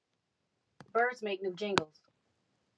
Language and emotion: English, neutral